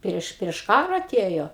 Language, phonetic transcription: Lithuanian, ˈprieš prieš ˈkara aˈtėjo

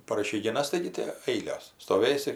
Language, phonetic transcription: Lithuanian, par išeigiˈnas ˈtaigi ti ˈailios stoˈvėsi

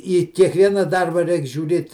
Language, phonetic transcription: Lithuanian, į kiekˈviena ˈdarba ˈreik žiūˈrėt

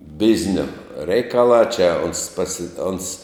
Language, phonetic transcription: Lithuanian, ˈbiznio ˈreikalā čia ons pasi ons

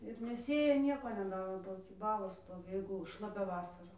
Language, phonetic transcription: Lithuanian, ir neˈsėja ˈnieko neˈdaro ba ˈtį ˈbalos ˈstovi ˈjeigu šlaˈpia ˈvasara

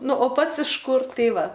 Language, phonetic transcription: Lithuanian, ˈnu o ˈpats iš ˈkur ˈtai ˈva

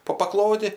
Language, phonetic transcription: Lithuanian, po paˈklodi

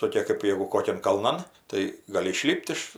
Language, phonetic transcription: Lithuanian, toˈkė kɜp ˈjėgu ˈkokian kalˈnan tai gaˈli iˈšlip't' iš

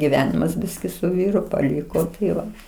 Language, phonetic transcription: Lithuanian, giˈvenimas ˈbiski su ˈvyru paˈliko taiˈva

